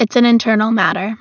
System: none